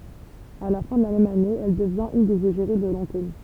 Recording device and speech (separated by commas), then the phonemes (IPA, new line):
temple vibration pickup, read sentence
a la fɛ̃ də la mɛm ane ɛl dəvjɛ̃t yn dez eʒeʁi də lɑ̃kom